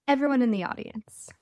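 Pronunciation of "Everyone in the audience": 'Everyone in the audience' is said as a quick succession of short syllables.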